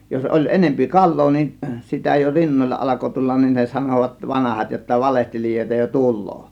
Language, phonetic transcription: Finnish, jos 'ˀoĺ 'enempi "kal̆loo nin , sitä jo 'rinnoĺla ˀalako 'tullan nin ne 'sanòvat "vanahat jotta » "valehtelijòėta jo "tul̆loo « .
- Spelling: jos oli enempi kalaa niin sitä jo rinnoilla alkoi tulla niin ne sanoivat vanhat jotta valehtelijoita jo tulee

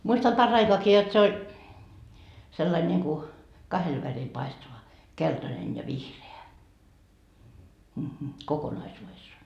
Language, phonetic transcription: Finnish, muistam 'par"raikoaki jot se 'oĺ , sellail ńiŋku , 'kahel väril paistava , 'keltanen ja "vihre₍ä , kokonaisuuvessaa .
- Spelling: muistan paraikaakin jotta se oli sillä lailla niin kuin kahdella värillä paistava keltainen ja vihreä kokonaisuudessaan

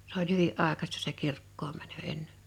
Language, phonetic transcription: Finnish, s ‿oĺ 'hyvi’ ’àekasta se 'kirkkoom mänö 'ennᴇɴ .
- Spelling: se oli hyvin aikaista se kirkkoon meno ennen

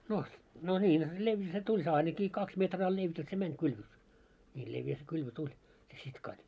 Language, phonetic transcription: Finnish, no , no 'ńiin , 'levjä se tuĺ se 'ainaki 'kaks metraa levjä se 'mäń 'kylvö , ńii 'levjä se 'kylvö 'tuĺ , se sitkaᴰ .
- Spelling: no no niin leveä se tuli se ainakin kaksi metriä leveä se meni kylvö niin leveä se kylvö tuli se sitkas

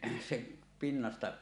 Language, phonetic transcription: Finnish, sek̳ , 'pinnasta .
- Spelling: se pinnasta

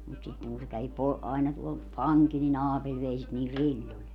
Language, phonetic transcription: Finnish, mut sitteŋ kun se kävi 'po- , aina tuol , "paŋkil ni"n ‿Aapeĺ 'vei sit niil "riĺĺol .
- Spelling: mutta sitten kun se kävi - aina tuolla pankilla niin Aapeli vei sitä niillä rilloilla

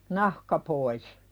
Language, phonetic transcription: Finnish, nahka pois .
- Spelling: nahka pois

